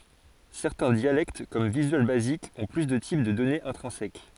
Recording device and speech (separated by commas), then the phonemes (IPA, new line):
forehead accelerometer, read sentence
sɛʁtɛ̃ djalɛkt kɔm vizyal bazik ɔ̃ ply də tip də dɔnez ɛ̃tʁɛ̃sɛk